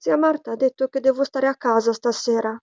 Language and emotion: Italian, sad